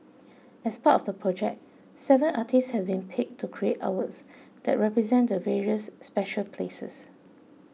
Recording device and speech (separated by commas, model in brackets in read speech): mobile phone (iPhone 6), read sentence